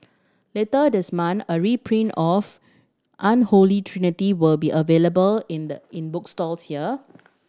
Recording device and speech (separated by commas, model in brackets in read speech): standing microphone (AKG C214), read sentence